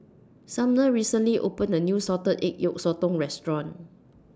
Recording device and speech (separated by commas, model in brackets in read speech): standing microphone (AKG C214), read sentence